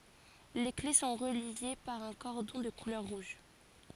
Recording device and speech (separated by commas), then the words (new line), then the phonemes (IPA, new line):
forehead accelerometer, read sentence
Les clés sont reliées par un cordon de couleur rouge.
le kle sɔ̃ ʁəlje paʁ œ̃ kɔʁdɔ̃ də kulœʁ ʁuʒ